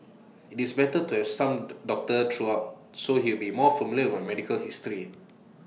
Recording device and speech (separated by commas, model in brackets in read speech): mobile phone (iPhone 6), read sentence